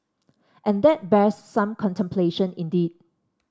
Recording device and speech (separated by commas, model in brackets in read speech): standing microphone (AKG C214), read sentence